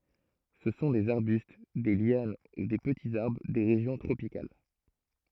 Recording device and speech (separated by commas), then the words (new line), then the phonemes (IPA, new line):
throat microphone, read sentence
Ce sont des arbustes, des lianes ou des petits arbres des régions tropicales.
sə sɔ̃ dez aʁbyst de ljan u de pətiz aʁbʁ de ʁeʒjɔ̃ tʁopikal